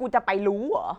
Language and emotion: Thai, frustrated